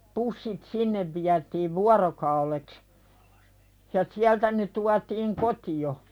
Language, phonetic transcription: Finnish, 'pussit sinnev viätiiv "vuarokauleks , ja 'siältä ne tuatiiŋ "koti₍o .
- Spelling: pussit sinne vietiin vuorokaudeksi ja sieltä ne tuotiin kotiin

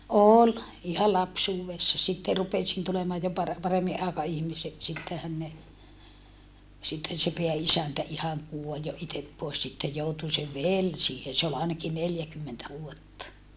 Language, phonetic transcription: Finnish, òl , iha lapsuuwessa sitte rupesin tulemaaj jo pare- , paremmiʼ ʼaekaihmisek sittehän ne , sitten se peä₍isäntä ihaŋ kuoĺ jo itep poes sittej joutu se vel siihen̬ se ol àenaki neljäkymmentä vuotta .
- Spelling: oli ihan lapsuudessa sitten rupesin tulemaan jo - paremmin aikaihmiseksi sittenhän ne sitten se pääisäntä ihan kuoli jo itse pois sitten joutui se veli siihen se oli ainakin neljäkymmentä vuotta

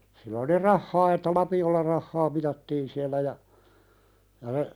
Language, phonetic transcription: Finnish, sillä oli "rahhaa että "lapi₍olla 'rahhaa mitattiin siällä ja , ja (se) ,.
- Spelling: sillä oli rahaa että lapiolla rahaa mitattiin siellä ja ja se

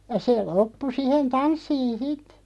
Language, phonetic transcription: Finnish, ja see "loppu 'sihen "tanssiin̬ 'sit .
- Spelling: ja se loppui siihen tanssiin sitten

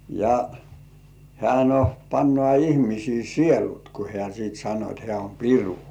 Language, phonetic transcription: Finnish, ja , hĕä̀ no , pannŏ§à 'ihmisii "sielut ku hĕä̀ siit sano et 'hĕä̀ om "piru .
- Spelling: ja hän no panee ihmisten sielut kun hän sitten sanoi että hän on piru

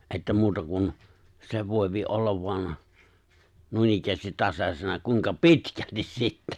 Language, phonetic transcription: Finnish, '’että 'muuta kun , 'se 'vòi̬pi 'ollav vo̭an , 'nuinikkäästit 'tasas̀ena kuiŋka "pitkältis 'sittä .
- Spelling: että muuta kuin se voi olla vain noinikään tasaisena kuinka pitkälti sitten

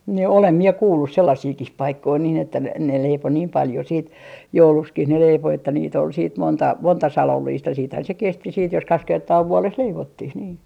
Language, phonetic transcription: Finnish, ni 'olem 'mie "kuullus 'sellasiikih 'paikkoi niin että ne ne 'leipo "niim 'paljo siit , "joulukskih ne 'leipo että niit ‿ol siit , 'monta , 'monta "salolliist ja siithän se 'kesti siit jos 'kaks 'kertaa 'vuoles "leivottih nii .
- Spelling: niin olen minä kuullut sellaisiakin paikkoja niin että ne ne leipoi niin paljon sitten jouluksikin ne leipoi että niitä oli sitten monta monta salollista ja sittenhän se kesti sitten jos kaksi kertaa vuodessa leivottiin niin

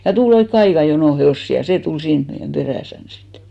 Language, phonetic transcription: Finnish, ja 'tul ‿oikke "aika jonò 'he₍òssi ja 'see tul 'siin , meijäm 'ʙerä̀sän sittᴇ .
- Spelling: ja tuli oikein aika jono hevosia ja se tuli siinä meidän perässämme sitten

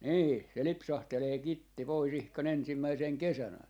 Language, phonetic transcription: Finnish, 'nii , se 'lipsahtelee 'kitti 'poi's ‿ihkan 'ensimmäisèŋ "kesän ‿a - .
- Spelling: niin se lipsahtelee kitti pois ihan ensimmäisenä kesänä -

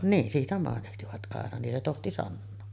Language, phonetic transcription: Finnish, 'niin 'siitä màenihtivat ’aena nin se 'tohti "sannoo .
- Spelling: niin siitä mainitsivat aina niin se tohti sanoa

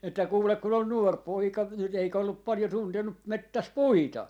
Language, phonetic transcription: Finnish, että 'kuulek kun ‿on "nuor 'poika , viel 'eikä ollup 'palⁱjo 'tuntenu , 'mettäs "puita .
- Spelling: että kuule kun on nuori poika vielä eikä ollut paljon tuntenut metsässä puita

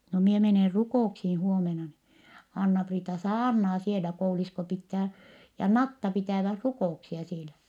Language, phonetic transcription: Finnish, no mie menè rukò₍uksii huomena ni , Anna-Priita saarnaa sielä , Koul-Iisko pittää , ja Natta pitä̀väh rukò₍uksia sielä .
- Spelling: no minä menen rukouksiin huomenna niin Anna-Priita saarnaa siellä Koulu-lisko pitää ja Natta pitävät rukouksia siellä

